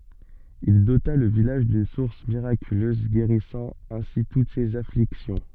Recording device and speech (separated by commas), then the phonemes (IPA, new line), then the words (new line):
soft in-ear microphone, read sentence
il dota lə vilaʒ dyn suʁs miʁakyløz ɡeʁisɑ̃ ɛ̃si tut sez afliksjɔ̃
Il dota le village d’une source miraculeuse guérissant ainsi toutes ces afflictions.